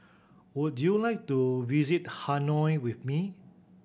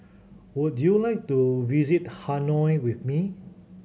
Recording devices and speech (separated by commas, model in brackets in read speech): boundary microphone (BM630), mobile phone (Samsung C7100), read sentence